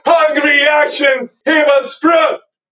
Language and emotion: English, happy